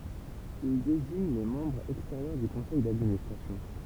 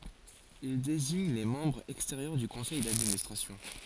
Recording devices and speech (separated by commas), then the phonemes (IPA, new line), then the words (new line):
temple vibration pickup, forehead accelerometer, read sentence
il deziɲ le mɑ̃bʁz ɛksteʁjœʁ dy kɔ̃sɛj dadministʁasjɔ̃
Il désigne les membres extérieurs du Conseil d'Administration.